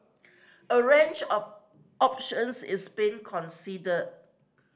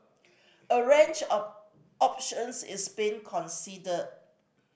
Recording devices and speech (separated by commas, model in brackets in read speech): standing microphone (AKG C214), boundary microphone (BM630), read sentence